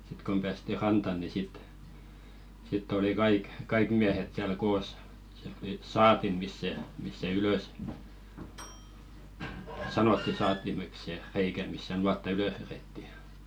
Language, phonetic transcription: Finnish, 'sⁱt kom ʙäästi "ranta ni 'sit , sitt ‿oli 'kaik , "kaik miähet siäl 'koos , siält tuli "saatim̀is se , misᵗ se 'ylö̀s , 'sanotti saattimek se , 'reikä misᵗ se 'nuatta "ylöh verètti .
- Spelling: sitten kun päästiin rantaan niin sitten sitten oli kaikki kaikki miehet siellä koossa sieltä tuli saatin se missä se ylös sanottiin saattimeksi se reikä missä se nuotta ylös vedettiin

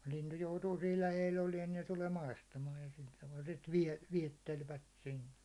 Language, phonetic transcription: Finnish, lintu joutuu siil 'läheil 'oliɛn ɴɪ se tulee 'maistamaaj ja sil taval sit viɛ- , 'viɛttelvät sinne .
- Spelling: lintu joutuu siinä lähellä olemaan niin se tulee maistamaan ja sillä tavalla sitten - viettelevät sinne

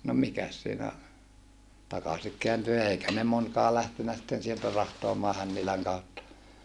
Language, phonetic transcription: Finnish, no mikäs siinä , takasik keänty eikä ne monkaa lähtenä sⁱtten sieltä rahtoamaa Hänniläŋ kautta .
- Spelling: no mikäs siinä takaisin kääntyi eikä ne monikaan lähtenyt sitten sieltä rahtaamaan Hännilän kautta

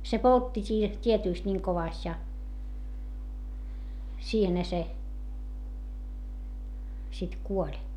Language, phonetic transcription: Finnish, se poltti siih , tietỳst ńiŋ kovàst ja , siihenhä se , sit kuoĺ .
- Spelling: se poltti siihen tietysti niin kovasti ja siihenhän se sitten kuoli

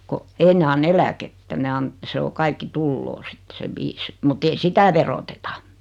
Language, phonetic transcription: Finnish, ko , 'ei ne 'an"n ‿eläkettä ne 'an- , 'se o 'kaikki "tulloo 'sit se "viis mut ‿ei "sitä veroteta .
- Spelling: kun ei ne anna eläkettä ne - se on kaikki tulee sitten se viisi mutta ei sitä veroteta

